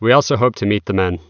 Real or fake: real